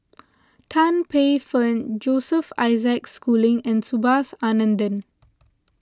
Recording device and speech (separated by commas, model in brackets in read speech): close-talking microphone (WH20), read sentence